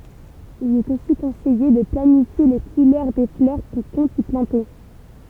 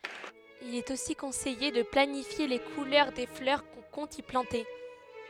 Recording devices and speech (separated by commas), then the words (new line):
temple vibration pickup, headset microphone, read sentence
Il est aussi conseillé de planifier les couleurs des fleurs qu'on compte y planter.